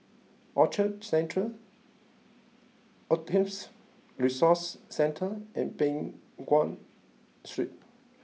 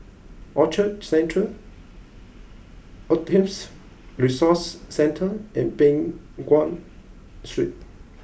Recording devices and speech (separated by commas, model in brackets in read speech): mobile phone (iPhone 6), boundary microphone (BM630), read sentence